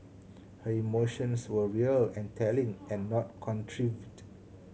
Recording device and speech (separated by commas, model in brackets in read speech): mobile phone (Samsung C7100), read sentence